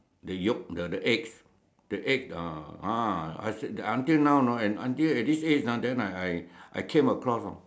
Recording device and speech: standing microphone, conversation in separate rooms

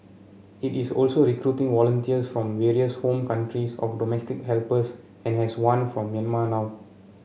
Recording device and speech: mobile phone (Samsung C7), read sentence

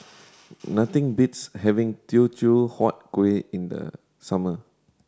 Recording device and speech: standing microphone (AKG C214), read sentence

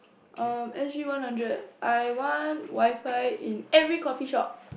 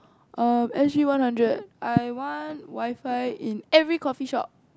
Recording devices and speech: boundary microphone, close-talking microphone, conversation in the same room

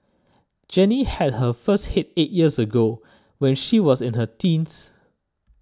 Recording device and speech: standing microphone (AKG C214), read sentence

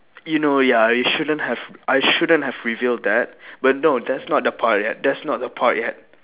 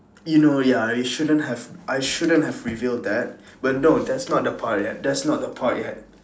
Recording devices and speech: telephone, standing microphone, conversation in separate rooms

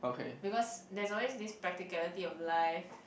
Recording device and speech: boundary microphone, conversation in the same room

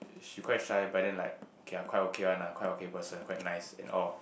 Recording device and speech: boundary microphone, conversation in the same room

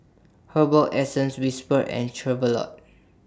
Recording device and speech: standing microphone (AKG C214), read sentence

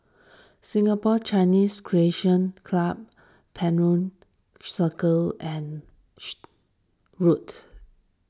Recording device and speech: standing microphone (AKG C214), read sentence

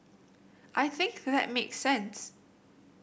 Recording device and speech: boundary microphone (BM630), read sentence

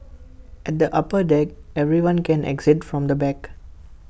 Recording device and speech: boundary microphone (BM630), read sentence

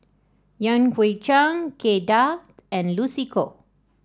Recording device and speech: standing microphone (AKG C214), read sentence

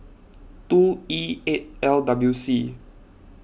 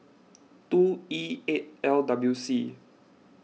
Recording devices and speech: boundary microphone (BM630), mobile phone (iPhone 6), read sentence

